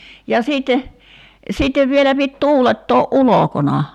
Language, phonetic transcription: Finnish, ja 'siitte , 'siittev vielä pit 'tuulettoo’ "’ulokona .
- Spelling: ja sitten sitten vielä piti tuulettaa ulkona

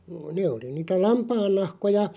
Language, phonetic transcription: Finnish, 'nè oli niitä "lampaannahkoja .
- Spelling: ne oli niitä lampaannahkoja

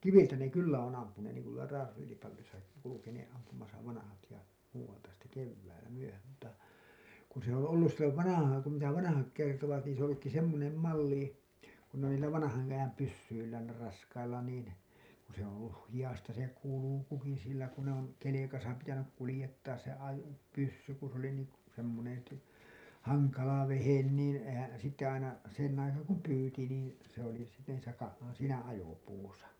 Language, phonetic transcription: Finnish, kiviltä ne 'kyllä on ampuneen niiŋ ku tuola 'Raaselipallisaki kulukenee’ ’ampumasa vanahat ja , muuwalta sitte 'kevväilä 'myöhäm mutta , kun se ‿oo̰ 'ollus sillov 'vanahaaŋ kum mitä 'vanahak kertovat niin se ‿oo̰ ‿ollukki 'semmonem 'malli , kun n ‿oli niillä vanahan₍ajam pyssyillään nii[llä] raskailla niin , ku se ‿oo̰ olluh 'hiʲasta se 'kulukuki sillä ku ne ‿on , kelekasa pitänyk kulĭjettaas se ajo- , pyssy ku s ‿oli niiŋ k- , semmonen̬ , t- , haŋkala vehen niin , ehän̬ , sitte aina , sen aikaa kum 'pyyti niin , se ‿oli , se , niisä ka- , 'siinä 'ajopuusa .
- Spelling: kiviltä ne kyllä on ampuneet niin kuin tuolla Raaselipallissakin kulkeneet ampumassa vanhat ja muualta sitten keväällä myöhään mutta kun se on ollut silloin vanhaan kun mitä vanhat kertovat niin se on ollutkin semmoinen malli kun ne oli niillä vanhanajan pyssyillään niillä raskailla niin kun se on ollut hihasta se kulki sillä kun ne on kelkassa pitänyt kuljettaa se - ajopyssy kun se oli niin - semmoinen - hankala vehje niin eihän sitten aina sen aikaa kun pyysi niin se oli se niissä - siinä ajopuussa

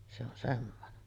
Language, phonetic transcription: Finnish, se ‿on 'semmonen .
- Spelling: se on semmoinen

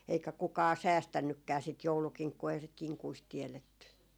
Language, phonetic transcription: Finnish, eikä 'kukaa "säästännykkää sit 'joulukiŋkkuu eihä sit 'kiŋkuist 'tiɛletty .
- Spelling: eikä kukaan säästänytkään sitä joulukinkkua eihän sitä kinkuista tiedetty

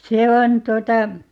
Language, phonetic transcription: Finnish, "se 'on 'tuota ,.
- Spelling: se on tuota

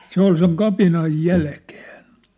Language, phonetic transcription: Finnish, se ‿ol seŋ "kapinaj "jälkᴇᴇɴ .
- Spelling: se oli sen kapinan jälkeen

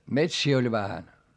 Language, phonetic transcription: Finnish, metsii oĺ vähän .
- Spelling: metsiä oli vähän

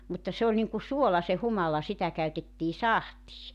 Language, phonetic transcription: Finnish, mutta 'se oĺ niŋku "suola se 'humala 'sitä käytettii "sahtii .
- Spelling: mutta se oli niin kuin suola se humala sitä käytettiin sahtiin

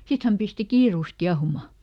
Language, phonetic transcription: Finnish, ˈsit häm pisti "kiirùs ˈkiahuma .
- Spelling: sitten hän pisti kiireesti kiehumaan

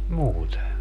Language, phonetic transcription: Finnish, 'muute .
- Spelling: muuten

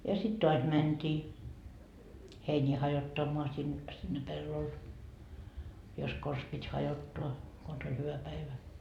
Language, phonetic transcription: Finnish, ja 'sit 'toas "mänt́ii , 'heińii hajottammoa sin- , sinne "pellol , jos 'kos pit́ 'hajottoa , 'kons ‿oĺ hyvä 'päivä .
- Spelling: ja sitten taas mentiin heiniä hajottamaan - sinne pellolle jos konsa piti hajottaa konsa oli hyvä päivä

